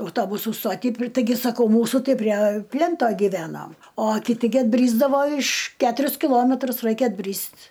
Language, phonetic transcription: Lithuanian, auˈtobusų ˈstoty ˈtaigi saˈkau ˈmūsu ˈtai prie ˈplento giˈvenom o kiˈti gi atˈbrysdavo iš ˈketurius kiˈlometrus ˈraikia atˈbryst'

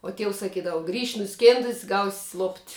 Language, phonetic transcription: Lithuanian, uo ˈtieus saˈkydava grįš' nuˈskėndus' gaus' lopt'

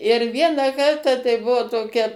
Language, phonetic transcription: Lithuanian, ir ˈvieną ˈkartą tai ˈbuo toˈkia

